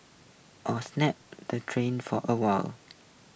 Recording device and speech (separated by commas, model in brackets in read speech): boundary microphone (BM630), read sentence